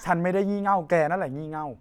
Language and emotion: Thai, frustrated